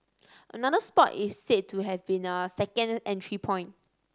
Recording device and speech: standing microphone (AKG C214), read sentence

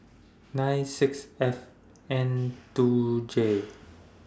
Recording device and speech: standing microphone (AKG C214), read sentence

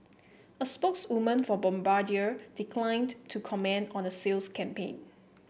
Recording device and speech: boundary microphone (BM630), read sentence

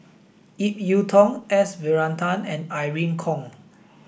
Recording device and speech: boundary microphone (BM630), read sentence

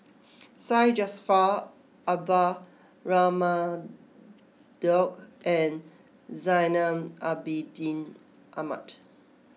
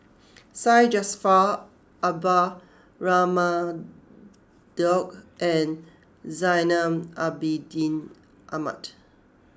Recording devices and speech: mobile phone (iPhone 6), close-talking microphone (WH20), read sentence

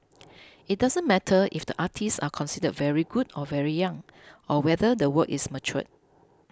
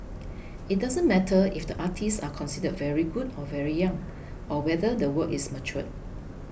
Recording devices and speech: close-talking microphone (WH20), boundary microphone (BM630), read sentence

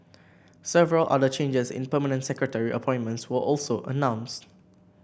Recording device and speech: boundary microphone (BM630), read sentence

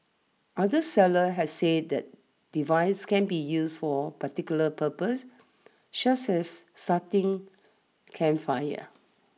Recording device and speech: mobile phone (iPhone 6), read sentence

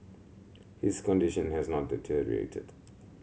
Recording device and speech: mobile phone (Samsung C7100), read sentence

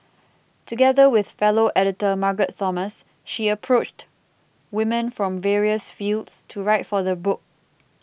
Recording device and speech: boundary microphone (BM630), read sentence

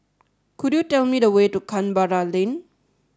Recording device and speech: standing microphone (AKG C214), read sentence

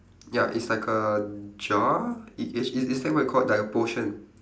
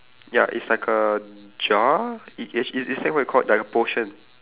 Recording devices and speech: standing microphone, telephone, conversation in separate rooms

